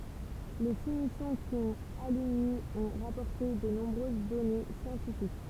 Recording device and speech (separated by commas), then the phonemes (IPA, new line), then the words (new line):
temple vibration pickup, read sentence
le si misjɔ̃ ki ɔ̃t alyni ɔ̃ ʁapɔʁte də nɔ̃bʁøz dɔne sjɑ̃tifik
Les six missions qui ont aluni ont rapporté de nombreuses données scientifiques.